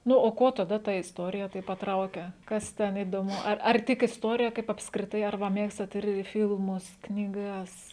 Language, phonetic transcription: Lithuanian, ˈnu o ˈkuo taˈda ta isˈtorija ˈtaip paˈtrauke ˈkas ˈten įdoˈmu ˈar ar ˈtik isˈtuorija ˈkaip apskriˈtai ar ˈva ˈmėgstat ir ˈfilmus knyˈgas

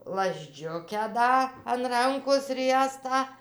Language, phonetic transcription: Lithuanian, lazˈdžiukę ˈda an ˈrankos ˈriestą

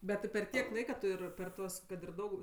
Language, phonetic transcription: Lithuanian, bet ti per ˈtiek ˈlaika ˈtu ir per ˈtuos kad ir ˈdaug

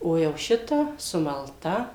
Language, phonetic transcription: Lithuanian, ˈo jau ˈšita sumalˈta

